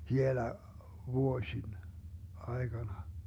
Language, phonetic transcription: Finnish, 'hielä , vuo-śin , ai̮Gana .
- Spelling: hielä vuosien aikana

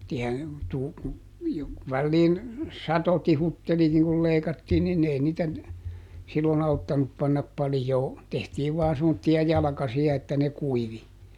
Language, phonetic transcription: Finnish, tiä- , tuu- ku , jo- , ˈvälliin , "sato ˈtihutteli niŋ kul ˈleikattiin nin ˈei niitä , ˈsilloˈn ‿auttanup pannap ˈpalⁱjoo , ˈtehtiiv vaa semmotti₍a ˈjalᵃkasi₍a että ne "kuivi .
- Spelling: - - kun - väliin satoi tihutteli niin kun leikattiin niin ei niitä silloin auttanut panna paljoa tehtiin vain semmoisia jalkasia että ne kuivui

